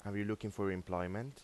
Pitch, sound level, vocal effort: 105 Hz, 85 dB SPL, normal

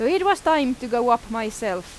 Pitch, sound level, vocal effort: 240 Hz, 92 dB SPL, very loud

